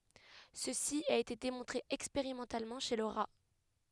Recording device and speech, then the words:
headset microphone, read sentence
Ceci a été démontré expérimentalement chez le rat.

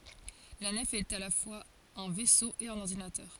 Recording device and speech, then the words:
forehead accelerometer, read sentence
La nef est à la fois un vaisseau et un ordinateur.

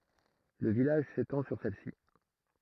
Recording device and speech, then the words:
throat microphone, read sentence
Le village s'étend sur celle-ci.

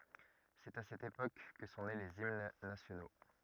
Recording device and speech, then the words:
rigid in-ear microphone, read sentence
C'est à cette époque que sont nés les hymnes nationaux.

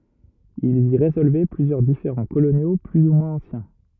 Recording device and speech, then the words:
rigid in-ear microphone, read sentence
Ils y résolvaient plusieurs différends coloniaux plus ou moins anciens.

